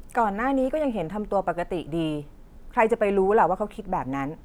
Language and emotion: Thai, neutral